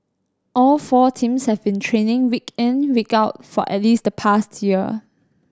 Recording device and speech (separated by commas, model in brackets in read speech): standing microphone (AKG C214), read sentence